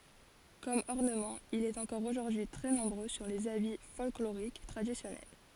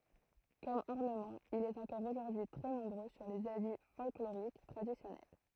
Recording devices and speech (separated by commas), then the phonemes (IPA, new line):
forehead accelerometer, throat microphone, read sentence
kɔm ɔʁnəmɑ̃ il ɛt ɑ̃kɔʁ oʒuʁdyi tʁɛ nɔ̃bʁø syʁ lez abi fɔlkloʁik tʁadisjɔnɛl